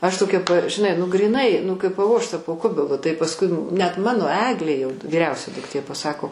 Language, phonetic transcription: Lithuanian, aš toˈkia p žiˈnai nu gryˈnai nu kaip paˈvožta po ˈkubilu tai pasˈkui net ˈmano ˈeglė jau vyˈriausia dukˈtė paˈsako

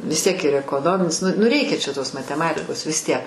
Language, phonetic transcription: Lithuanian, vis tiek ir ekoˈnominis ˈnu nu ˈreikia čia tos mateˈmatikos vis ˈtiek

